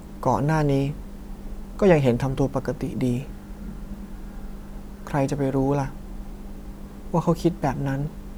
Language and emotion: Thai, sad